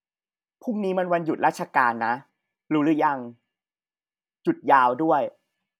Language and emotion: Thai, frustrated